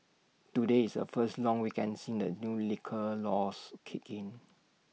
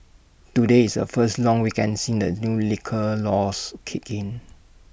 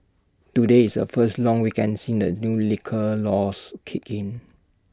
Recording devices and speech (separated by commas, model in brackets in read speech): mobile phone (iPhone 6), boundary microphone (BM630), standing microphone (AKG C214), read sentence